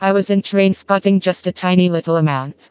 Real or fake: fake